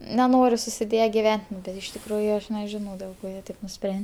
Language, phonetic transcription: Lithuanian, neˈnori susiˈdėje giˈven't' nu bet iš tikˈrųju ˈaš neˈžinau dėl ˈko ˈjie ˈtaip nuˈspren'

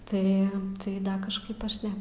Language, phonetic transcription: Lithuanian, ˈtai tai ˈda kažˈkaip ˈaš ˈne

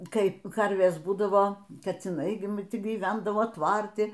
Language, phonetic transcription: Lithuanian, ˈkai ˈkarvės ˈbūdavo kaciˈnai gi m ti gyˈvendavo ˈtvarti

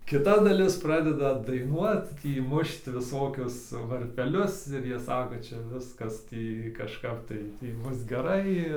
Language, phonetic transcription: Lithuanian, kiˈta daˈlis ˈpradeda daiˈnuot ˈtį ˈmušt viˈsokius varpeˈlius ir ˈjie ˈsako ˈčia ˈviskas ˈtį kažˈkap tai ˈtį ˈbus geˈrai

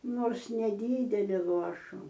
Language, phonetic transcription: Lithuanian, ˈnors neˈdydeli ˈluošu

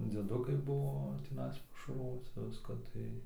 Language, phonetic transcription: Lithuanian, dzieˈdukai ˈbuvo tiˈnais pašarˈvoci ˈviska ˈtai

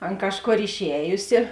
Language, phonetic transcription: Lithuanian, ˈan ˈkažˌkor išˈējusi

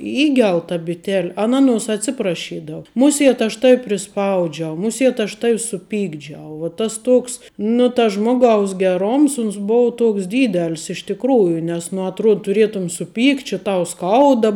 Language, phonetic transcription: Lithuanian, ˈįgel ta biˈtel' ˈaˌna ˈaˌnuos atˈsiprašydavu ˈmuˌsėt aš ˈtavi priˈspaudžiau ˈmuˌsiet aš ˈtav' suˈpykdžiau vo ˈtas ˈtoks nu tas ˈžmoˌgaus geˈroms ˈuns ˈbou ˈtoks ˈdydel's iš tikˈrųju nes nu atˈruod tuˈrietum suˈpykt' či ˈtau ˈskauda

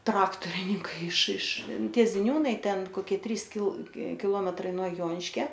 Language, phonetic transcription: Lithuanian, ˈtraktorininkai iš iš ˈtie ziˈniūnai ˈten koˈkie ˈtrys kil kiˈlometrai nuo ˈjoniškia

